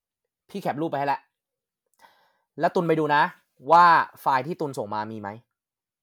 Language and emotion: Thai, angry